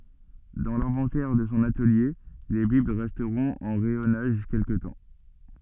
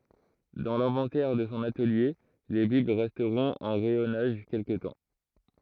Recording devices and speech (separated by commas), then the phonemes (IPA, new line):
soft in-ear microphone, throat microphone, read sentence
dɑ̃ lɛ̃vɑ̃tɛʁ də sɔ̃ atəlje le bibl ʁɛstʁɔ̃t ɑ̃ ʁɛjɔnaʒ kɛlkə tɑ̃